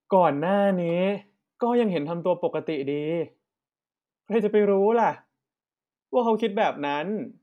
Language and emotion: Thai, frustrated